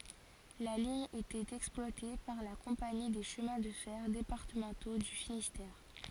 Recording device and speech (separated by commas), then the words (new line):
forehead accelerometer, read sentence
La ligne était exploitée par la compagnie des Chemins de fer départementaux du Finistère.